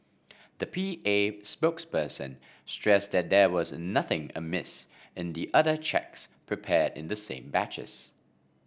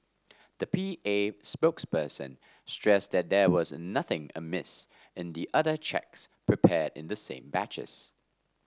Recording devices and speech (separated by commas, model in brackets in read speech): boundary microphone (BM630), standing microphone (AKG C214), read sentence